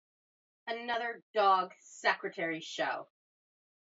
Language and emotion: English, disgusted